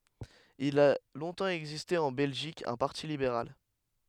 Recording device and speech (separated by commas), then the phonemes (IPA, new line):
headset microphone, read sentence
il a lɔ̃tɑ̃ ɛɡziste ɑ̃ bɛlʒik œ̃ paʁti libeʁal